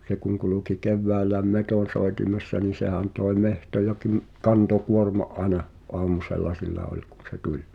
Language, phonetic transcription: Finnish, 'se kuŋ kuluki "kevväälläĕm "metòn̬soetimessa nii 'sehän toi̬ "mehtoja kym- , 'kanto'kuorma’ '’aena , "’oamusella 'sillä ol kun̬ se "tuĺ .
- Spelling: se kun kulki keväällä metsonsoitimessa niin sehän toi metsoja - kantokuorma aina aamusella sillä oli kun se tuli

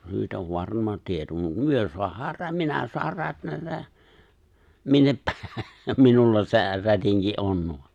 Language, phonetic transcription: Finnish, 'se nyt ov "varma 'tieto , mut 'myö soahaar 'rä"minä soar 'rätnätä , 'minnep 'pä- 'minulla se , 'rätiŋki "’on .
- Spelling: se nyt on varma tieto mutta me saadaan minä saan rätnätä minne - minulla se rätinki on

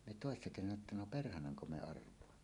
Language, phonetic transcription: Finnish, me tòessa kesänä että 'no "perhanaŋko 'me 'arv̀oamma .
- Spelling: me toissa kesänä että no perhananko me arvaamme

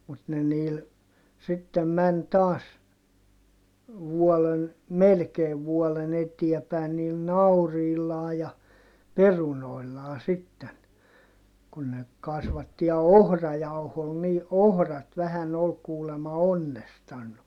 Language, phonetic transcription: Finnish, mut ne niil , sittem män taas , vuɔlen , melkeev vuɔlen ‿etiä pä̀i̮n niil nauriillaa ja , perunoillaa sitten , kun ne , kasvatti(.) ja ohrajauhoo nii , ʼohrat vähän ‿ol kuulema onnestannu .
- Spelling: mutta ne niillä sitten meni taas vuoden melkein vuoden eteen päin niillä nauriilla ja perunoilla sitten kun ne kasvatti ja ohrajauhoa niin ohrat vähän oli kuulemma onnestanut

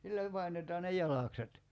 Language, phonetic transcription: Finnish, 'sillä , 'painetaa ne "jalàkset .
- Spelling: sillä painetaan ne jalakset

